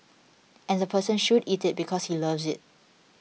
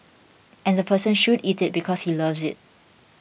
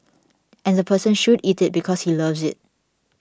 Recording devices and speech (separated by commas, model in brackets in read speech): mobile phone (iPhone 6), boundary microphone (BM630), standing microphone (AKG C214), read sentence